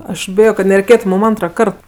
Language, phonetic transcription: Lithuanian, aš ˈbijo kad nereiˈkėtu mum ˈantraˌkart

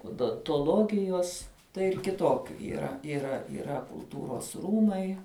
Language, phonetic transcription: Lithuanian, odontoˈlogijos tai ir kiˈtokiu yˈra yˈra yˈra kulˈtūros ˈrūmai

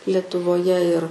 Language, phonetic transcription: Lithuanian, letuvoˈje ir

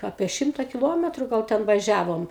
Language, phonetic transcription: Lithuanian, ˈapie ˈšimta kiˈlometru gal ˈten vaˈžiavom

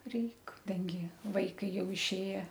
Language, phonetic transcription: Lithuanian, ˈreik ˈdangi ˈvaikai ˈjau išˈėje

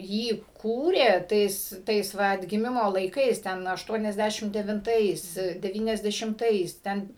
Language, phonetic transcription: Lithuanian, ˈjį ˈkūrė ˈtais ˈtais ˈva atgiˈmimo laiˈkais ˈten ašˌtuoniasˈdæšim devinˈtais deˌvyniasdešimˈtais ˈten

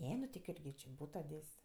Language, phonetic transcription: Lithuanian, ˈne nu ti ˈkurgi či ˈbūto ˈdės'

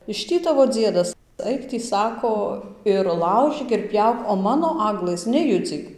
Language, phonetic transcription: Lithuanian, iš ˈtį ˈtavo ˈdziedas ˈaik tį ˈsako ir ˈlaužyk ir ˈpjauk o ˈmano ˈaglɘs neˈjudzyk

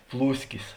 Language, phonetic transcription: Lithuanian, ˈplūskis

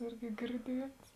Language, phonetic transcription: Lithuanian, ˈirgi girˈdiets

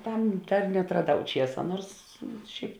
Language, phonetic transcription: Lithuanian, ˈtam ˈdar neatraˈdau ˈčiesa ˈnuors ˈšiaip

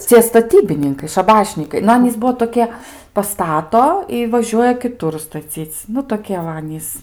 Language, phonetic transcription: Lithuanian, ˈcie staˈtybininkai šaˈbašnykai nu ˈanys ˈbuo toˈkie paˈstato i vaˈžiuoja kiˈtur staˈcyc ˈnu toˈkie va ˈanys

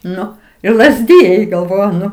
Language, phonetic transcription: Lithuanian, ˈnu ir lazˈdijai galˈvoju ˈnu

